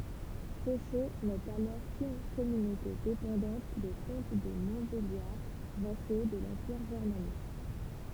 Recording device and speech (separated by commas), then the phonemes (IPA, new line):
temple vibration pickup, read sentence
soʃo nɛt alɔʁ kyn kɔmynote depɑ̃dɑ̃t de kɔ̃t də mɔ̃tbeljaʁ vaso də lɑ̃piʁ ʒɛʁmanik